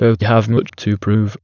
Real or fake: fake